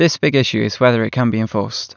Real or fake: real